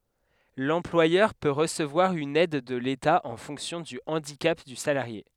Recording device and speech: headset microphone, read sentence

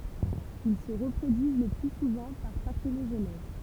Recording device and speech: temple vibration pickup, read sentence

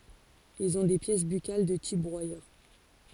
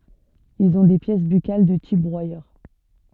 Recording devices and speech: forehead accelerometer, soft in-ear microphone, read sentence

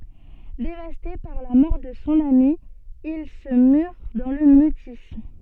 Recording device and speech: soft in-ear microphone, read sentence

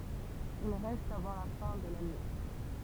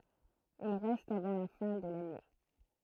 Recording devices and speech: temple vibration pickup, throat microphone, read sentence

